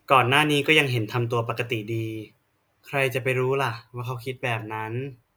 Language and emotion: Thai, neutral